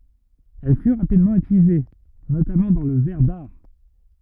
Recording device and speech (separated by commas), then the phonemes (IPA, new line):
rigid in-ear microphone, read sentence
ɛl fy ʁapidmɑ̃ ytilize notamɑ̃ dɑ̃ lə vɛʁ daʁ